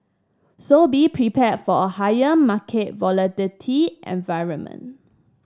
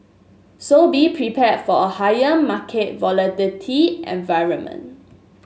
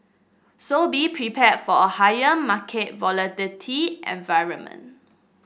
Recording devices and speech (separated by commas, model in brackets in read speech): standing microphone (AKG C214), mobile phone (Samsung S8), boundary microphone (BM630), read sentence